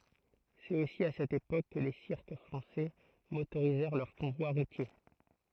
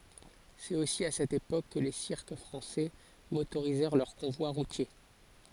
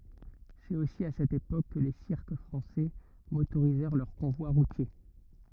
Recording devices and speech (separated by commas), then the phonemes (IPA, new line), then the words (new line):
throat microphone, forehead accelerometer, rigid in-ear microphone, read sentence
sɛt osi a sɛt epok kə le siʁk fʁɑ̃sɛ motoʁizɛʁ lœʁ kɔ̃vwa ʁutje
C'est aussi à cette époque que les cirques français motorisèrent leurs convois routiers.